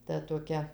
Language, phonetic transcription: Lithuanian, ˈta toˈkia

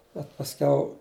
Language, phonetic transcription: Lithuanian, bet pasˈkiau

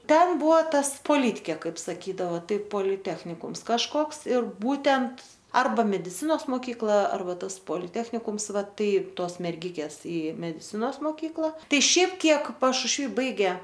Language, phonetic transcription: Lithuanian, ˈten ˈbuvo ˈtas poˈlytkė ˈkaip saˈkydava ˈtai poliˈtechnikums kažˈkoks ir ˈbūtent ˈarba mediˈcinos moˈkykla ˈarba ˈtas poliˈtechnikums ˈvaˈtai ˈtuos merˈgikės i mediˈcinos moˈkykla ˈtai ˈšiaip ˈkiek pašušˈvy ˈbaigė

